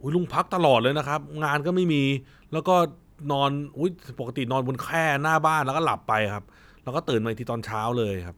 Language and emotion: Thai, frustrated